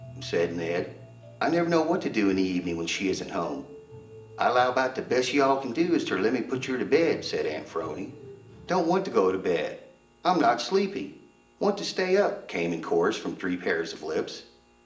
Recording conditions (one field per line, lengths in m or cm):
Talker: one person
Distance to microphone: 1.8 m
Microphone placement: close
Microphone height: 1.0 m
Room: large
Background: music